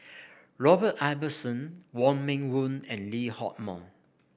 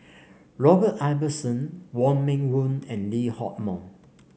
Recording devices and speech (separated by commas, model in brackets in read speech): boundary microphone (BM630), mobile phone (Samsung C5), read sentence